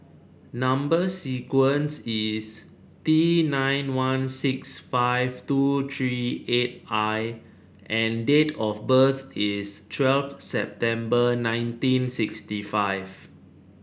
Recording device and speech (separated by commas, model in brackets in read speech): boundary microphone (BM630), read sentence